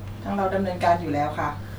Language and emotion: Thai, neutral